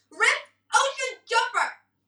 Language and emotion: English, angry